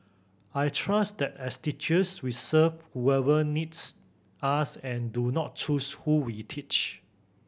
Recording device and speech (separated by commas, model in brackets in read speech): boundary microphone (BM630), read sentence